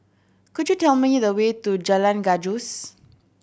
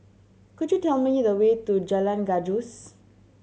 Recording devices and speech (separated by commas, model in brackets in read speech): boundary microphone (BM630), mobile phone (Samsung C7100), read sentence